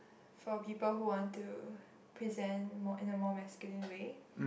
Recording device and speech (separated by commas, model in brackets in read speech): boundary microphone, conversation in the same room